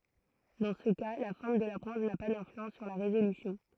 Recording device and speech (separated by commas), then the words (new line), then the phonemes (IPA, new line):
throat microphone, read sentence
Dans ce cas, la forme de la pointe n'a pas d'influence sur la résolution.
dɑ̃ sə ka la fɔʁm də la pwɛ̃t na pa dɛ̃flyɑ̃s syʁ la ʁezolysjɔ̃